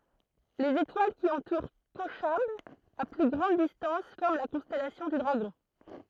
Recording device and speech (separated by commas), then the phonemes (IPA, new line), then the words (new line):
throat microphone, read sentence
lez etwal ki ɑ̃tuʁ koʃab a ply ɡʁɑ̃d distɑ̃s fɔʁm la kɔ̃stɛlasjɔ̃ dy dʁaɡɔ̃
Les étoiles qui entourent Kochab à plus grande distance forment la constellation du Dragon.